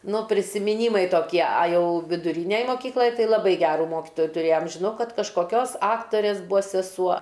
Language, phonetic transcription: Lithuanian, ˈnu prisimiˈnymai toˈkie a ˈjau viduˈrynej moˈkyklaj ˈtai laˈbai ˈgerų ˈmokitoju tuˈrėjam žiˈnau ˈkad kažkoˈkios ˈaktorės ˈbua seˈsuo

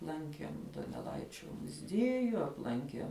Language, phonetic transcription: Lithuanian, ˈlankiem doneˈlaičio muˈzieju apˈlankiem

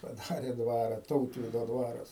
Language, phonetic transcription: Lithuanian, paˈdare ˈdvara ˈtautvydo ˈdvaras

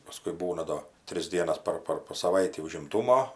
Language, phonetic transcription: Lithuanian, paˈskui ˈbūna ˈdo ˈtris ˈdienas ˈpar ˈpar po saˈvaitį užimˈtūmo

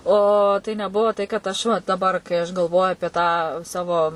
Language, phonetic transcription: Lithuanian, o ˈtai neˈbuo tai kad ˈaš va daˈbar kai aš galˈvoju apie tą ˈsavo

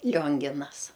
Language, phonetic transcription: Lithuanian, ˈlionginas

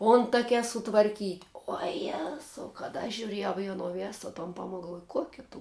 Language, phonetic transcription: Lithuanian, ˈontakia sutvarˈkyt' uo ˈjezau kad aš žiuˈrėjau i aˈno ˈvėso ton ˈpamok galˈvuoj ˈkuokia tu

